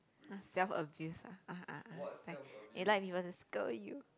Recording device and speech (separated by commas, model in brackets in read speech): close-talking microphone, conversation in the same room